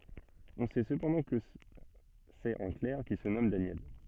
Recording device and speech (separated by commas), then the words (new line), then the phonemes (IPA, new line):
soft in-ear microphone, read sentence
On sait cependant que c'est un clerc qui se nomme Daniel.
ɔ̃ sɛ səpɑ̃dɑ̃ kə sɛt œ̃ klɛʁ ki sə nɔm danjɛl